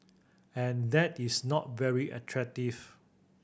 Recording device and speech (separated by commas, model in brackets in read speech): boundary microphone (BM630), read sentence